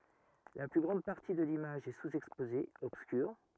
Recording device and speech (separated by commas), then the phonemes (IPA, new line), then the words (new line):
rigid in-ear microphone, read sentence
la ply ɡʁɑ̃d paʁti də limaʒ ɛ suzɛkspoze ɔbskyʁ
La plus grande partie de l'image est sous-exposée, obscure.